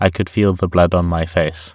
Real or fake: real